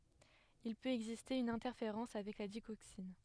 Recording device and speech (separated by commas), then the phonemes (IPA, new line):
headset microphone, read sentence
il pøt ɛɡziste yn ɛ̃tɛʁfeʁɑ̃s avɛk la diɡoksin